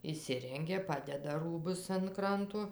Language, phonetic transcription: Lithuanian, išˈsirengia ˈpadeda ˈrūbus an ˈkranto

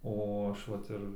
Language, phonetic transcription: Lithuanian, ˈo ˈaš ˈvat ir

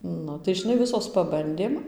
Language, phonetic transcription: Lithuanian, ˈnu tai žiˈnai ˈvisos paˈbandėm

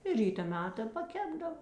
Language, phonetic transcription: Lithuanian, i ˈryta ˈmeta paˈkepdava

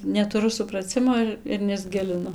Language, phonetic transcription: Lithuanian, netuˈru supraˈcimo ir ir nesˈgilinu

